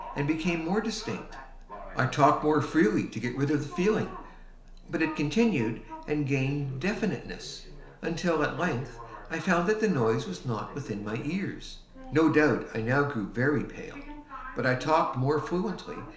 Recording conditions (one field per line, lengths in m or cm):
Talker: one person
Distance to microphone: 1.0 m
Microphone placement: close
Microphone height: 1.1 m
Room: small (3.7 m by 2.7 m)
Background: television